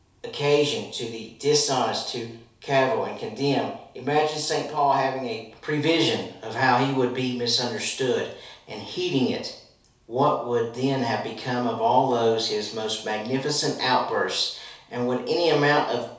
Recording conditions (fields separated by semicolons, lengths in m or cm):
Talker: one person; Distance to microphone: 3.0 m; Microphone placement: far; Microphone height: 1.8 m; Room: small (3.7 m by 2.7 m); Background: none